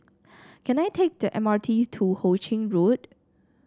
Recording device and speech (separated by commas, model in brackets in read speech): standing microphone (AKG C214), read sentence